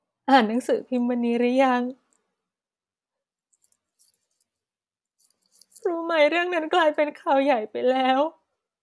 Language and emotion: Thai, sad